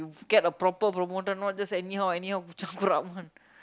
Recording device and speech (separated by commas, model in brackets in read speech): close-talking microphone, conversation in the same room